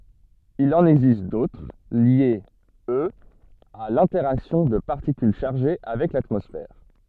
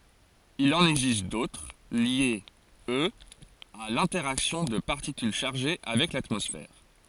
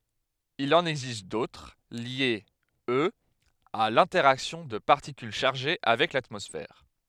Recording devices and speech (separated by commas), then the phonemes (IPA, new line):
soft in-ear microphone, forehead accelerometer, headset microphone, read sentence
il ɑ̃n ɛɡzist dotʁ ljez øz a lɛ̃tɛʁaksjɔ̃ də paʁtikyl ʃaʁʒe avɛk latmɔsfɛʁ